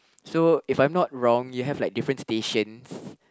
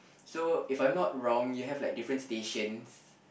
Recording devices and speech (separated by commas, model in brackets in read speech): close-talking microphone, boundary microphone, conversation in the same room